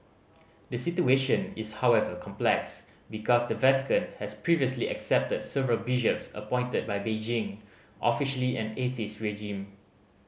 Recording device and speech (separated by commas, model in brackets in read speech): mobile phone (Samsung C5010), read sentence